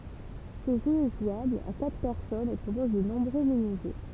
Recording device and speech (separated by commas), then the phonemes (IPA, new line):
temple vibration pickup, read sentence
sə ʒø ɛ ʒwabl a katʁ pɛʁsɔnz e pʁopɔz də nɔ̃bʁø miniʒø